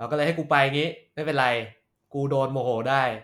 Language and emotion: Thai, frustrated